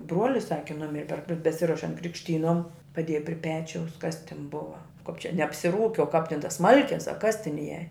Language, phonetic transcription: Lithuanian, ˈbruolis ˈsaki ˈnumiri per be beˈsirošiant krikšˈtynom paˈdėja pri ˈpečiaus ˈkas tin ˈbuva kap čia ne apsiˈrūki o kap tin tos ˈsmalkės a kas tin ˈieja

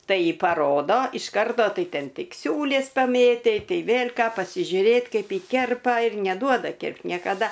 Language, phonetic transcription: Lithuanian, ˈtai paˈrodo iš ˈkarto ˈtai ˈten ˈtik ˈsiūlės paˈmėtei ˈtai ˈvėl' ˈką pasižiuˈrėt ˈkaip ˈji ˈkerpa ir neˈduoda ˈkirpt niekaˈda

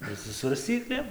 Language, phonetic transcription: Lithuanian, ir su svarsˈcyklėm

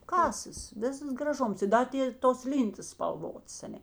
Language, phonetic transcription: Lithuanian, ˈkasas ˈvisas graˈžums i ˈda ti tos ˈlyntas spalˈvots aˈne

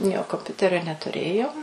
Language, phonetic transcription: Lithuanian, ˈjo komˈpiuterio netuˈrėjom

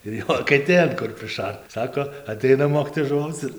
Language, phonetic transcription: Lithuanian, ir ˈjo akeˈtėn kur priˈšart ˈsako aˈteina ˈmokytojas žuˈvauc ir

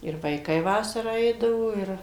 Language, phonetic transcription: Lithuanian, ir vaiˈkai ˈvasarą ˈeidavo ˈir

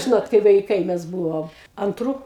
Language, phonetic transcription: Lithuanian, ˈžinot kai vaiˈkai ˈmes ˈbūvom anˈtrų

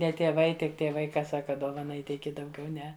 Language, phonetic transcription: Lithuanian, ˈne tieˈvai ˈtik tieˈvai ˈka ˈsaka ˈdovana ˈįteiki dauˈgiau ˈne

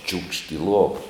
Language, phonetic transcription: Lithuanian, čiūkšt i ˈluova

